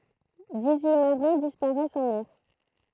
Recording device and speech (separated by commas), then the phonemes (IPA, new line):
throat microphone, read sentence
dis yi maʁɛ̃ dispaʁɛst ɑ̃ mɛʁ